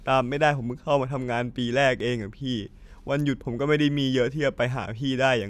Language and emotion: Thai, sad